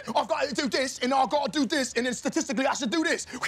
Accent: British accent